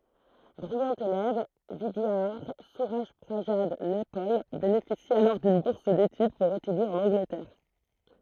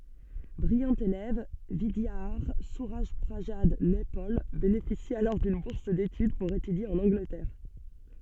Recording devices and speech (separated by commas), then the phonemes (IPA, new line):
throat microphone, soft in-ear microphone, read sentence
bʁijɑ̃ elɛv vidjadaʁ syʁaʒpʁazad nɛpɔl benefisi alɔʁ dyn buʁs detyd puʁ etydje ɑ̃n ɑ̃ɡlətɛʁ